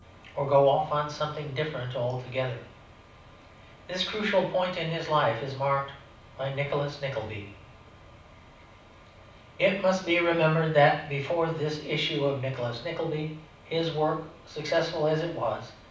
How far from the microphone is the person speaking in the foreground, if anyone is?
5.8 m.